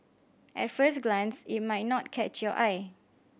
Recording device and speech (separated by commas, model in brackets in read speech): boundary microphone (BM630), read sentence